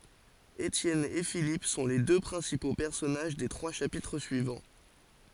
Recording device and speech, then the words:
forehead accelerometer, read sentence
Étienne et Philippe sont les deux principaux personnages des trois chapitres suivants.

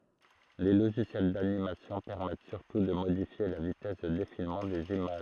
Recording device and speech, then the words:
throat microphone, read sentence
Les logiciels d'animation permettent surtout de modifier la vitesse de défilement des images.

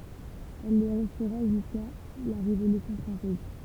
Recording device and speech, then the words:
temple vibration pickup, read sentence
Elle le restera jusqu'à la Révolution française.

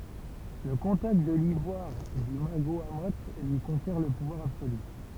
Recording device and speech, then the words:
temple vibration pickup, read sentence
Le contact de l'ivoire du Magohamoth lui confère le pouvoir absolu.

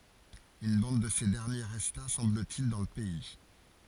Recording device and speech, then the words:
forehead accelerometer, read sentence
Une bande de ces derniers resta, semble-t-il, dans le pays.

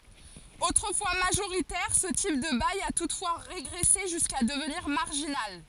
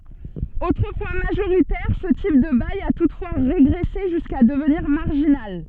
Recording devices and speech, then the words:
forehead accelerometer, soft in-ear microphone, read sentence
Autrefois majoritaire, ce type de bail a toutefois régressé jusqu'à devenir marginal.

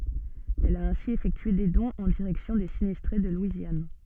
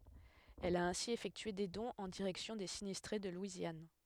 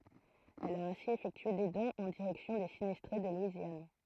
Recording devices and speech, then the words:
soft in-ear microphone, headset microphone, throat microphone, read sentence
Elle a ainsi effectué des dons en direction des sinistrés de Louisiane.

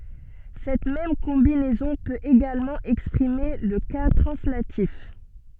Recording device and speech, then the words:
soft in-ear microphone, read sentence
Cette même combinaison peut également exprimer le cas translatif.

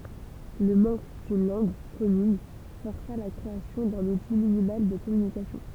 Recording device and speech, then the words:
temple vibration pickup, read sentence
Le manque d'une langue commune força la création d'un outil minimal de communication.

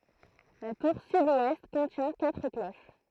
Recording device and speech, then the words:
throat microphone, read sentence
La tour sud-ouest contient quatre cloches.

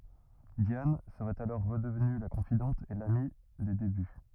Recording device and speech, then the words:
rigid in-ear microphone, read sentence
Diane serait alors redevenue la confidente et l’amie des débuts.

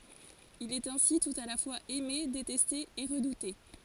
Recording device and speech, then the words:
forehead accelerometer, read sentence
Il est ainsi tout à la fois aimé, détesté et redouté.

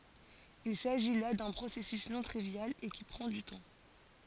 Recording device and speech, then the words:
forehead accelerometer, read sentence
Il s'agit là d'un processus non trivial, et qui prend du temps.

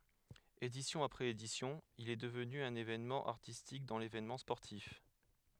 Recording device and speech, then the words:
headset microphone, read sentence
Édition après édition, il est devenu un événement artistique dans l'événement sportif.

